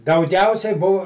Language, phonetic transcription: Lithuanian, dauˈgiausiai ˈbuv

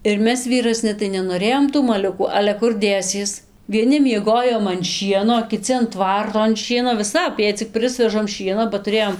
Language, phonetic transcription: Lithuanian, ir ˈmes vyraˈsni tai nenoˈrėjom tų maˈliukų ale ˈkur ˈdėsies vieˈni mieˈgojom an ˈšieno o kiˈci an ˈtvarto an ˈšieno viˈsap jei cik ˈprɨsvežam ˈšieno ba tuˈrėjom

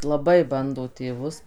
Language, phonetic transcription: Lithuanian, laˈbai ˈbando tėˈvus

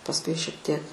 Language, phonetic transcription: Lithuanian, pasˈkui šiek ˈtiek

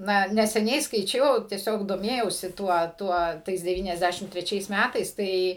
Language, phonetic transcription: Lithuanian, ˈna neseˈniai skaiˈčiau tieˈsiog doˈmėjausi ˈtuo ˈtuo ˈtais deˌvyniasˈdæšim treˈčiais ˈmætais ˈtai

